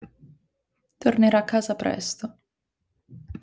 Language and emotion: Italian, sad